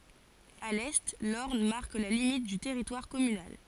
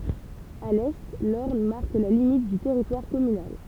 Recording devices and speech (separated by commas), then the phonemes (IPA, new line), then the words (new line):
forehead accelerometer, temple vibration pickup, read sentence
a lɛ lɔʁn maʁk la limit dy tɛʁitwaʁ kɔmynal
À l'est, l'Orne marque la limite du territoire communal.